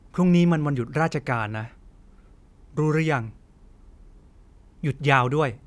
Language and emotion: Thai, neutral